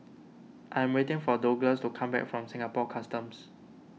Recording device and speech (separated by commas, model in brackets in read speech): mobile phone (iPhone 6), read sentence